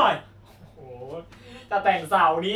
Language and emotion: Thai, happy